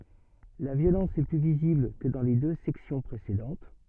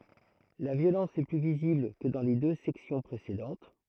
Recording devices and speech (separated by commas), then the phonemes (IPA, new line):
soft in-ear microphone, throat microphone, read sentence
la vjolɑ̃s ɛ ply vizibl kə dɑ̃ le dø sɛksjɔ̃ pʁesedɑ̃t